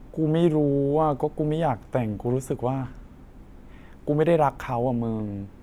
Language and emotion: Thai, frustrated